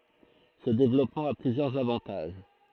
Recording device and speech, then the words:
throat microphone, read sentence
Ce développement a plusieurs avantages.

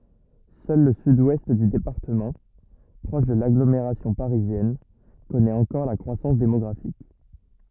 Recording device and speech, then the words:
rigid in-ear microphone, read sentence
Seul le Sud-Ouest du département, proche de l'agglomération parisienne, connaît encore la croissance démographique.

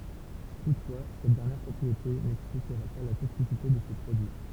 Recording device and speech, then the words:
temple vibration pickup, read sentence
Toutefois, cette dernière propriété n'expliquerait pas la toxicité de ces produits.

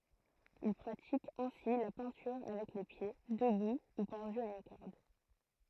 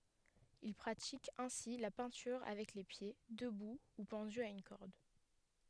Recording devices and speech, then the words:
throat microphone, headset microphone, read sentence
Il pratique ainsi la peinture avec les pieds, debout ou pendu à une corde.

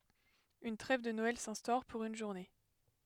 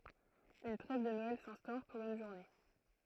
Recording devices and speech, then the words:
headset microphone, throat microphone, read sentence
Une trêve de Noël s'instaure, pour une journée.

